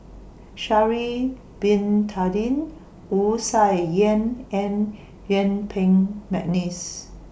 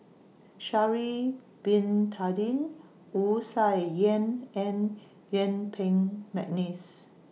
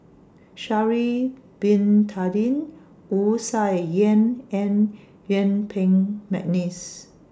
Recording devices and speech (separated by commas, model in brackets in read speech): boundary microphone (BM630), mobile phone (iPhone 6), standing microphone (AKG C214), read sentence